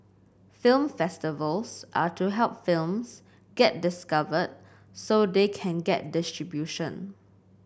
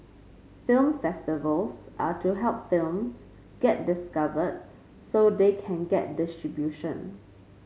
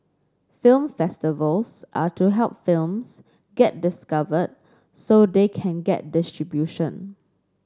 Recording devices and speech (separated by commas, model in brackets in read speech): boundary microphone (BM630), mobile phone (Samsung C5), standing microphone (AKG C214), read sentence